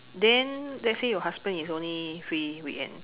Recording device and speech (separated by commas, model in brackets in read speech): telephone, conversation in separate rooms